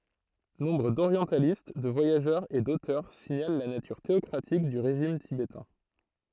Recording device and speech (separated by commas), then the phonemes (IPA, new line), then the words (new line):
throat microphone, read sentence
nɔ̃bʁ doʁjɑ̃talist də vwajaʒœʁz e dotœʁ siɲal la natyʁ teɔkʁatik dy ʁeʒim tibetɛ̃
Nombre d'orientalistes, de voyageurs et d'auteurs signalent la nature théocratique du régime tibétain.